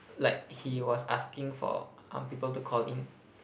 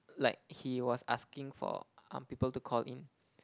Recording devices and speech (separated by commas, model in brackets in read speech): boundary microphone, close-talking microphone, conversation in the same room